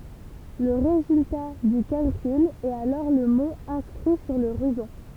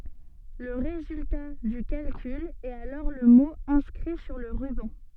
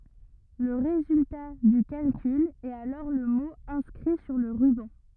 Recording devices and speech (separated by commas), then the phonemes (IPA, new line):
temple vibration pickup, soft in-ear microphone, rigid in-ear microphone, read sentence
lə ʁezylta dy kalkyl ɛt alɔʁ lə mo ɛ̃skʁi syʁ lə ʁybɑ̃